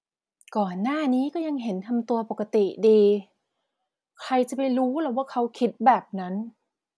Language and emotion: Thai, frustrated